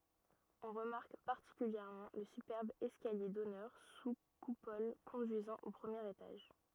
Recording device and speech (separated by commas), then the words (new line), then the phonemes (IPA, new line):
rigid in-ear microphone, read sentence
On remarque particulièrement le superbe escalier d'honneur sous coupole conduisant au premier étage.
ɔ̃ ʁəmaʁk paʁtikyljɛʁmɑ̃ lə sypɛʁb ɛskalje dɔnœʁ su kupɔl kɔ̃dyizɑ̃ o pʁəmjeʁ etaʒ